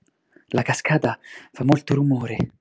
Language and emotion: Italian, surprised